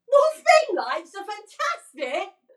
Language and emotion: English, surprised